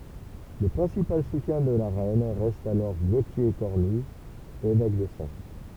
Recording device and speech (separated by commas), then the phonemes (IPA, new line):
temple vibration pickup, read sentence
lə pʁɛ̃sipal sutjɛ̃ də la ʁɛn ʁɛst alɔʁ ɡotje kɔʁny evɛk də sɑ̃s